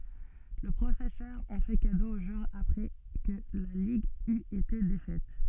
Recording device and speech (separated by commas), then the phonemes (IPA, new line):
soft in-ear microphone, read sentence
lə pʁofɛsœʁ ɑ̃ fɛ kado o ʒwœʁ apʁɛ kə la liɡ yt ete defɛt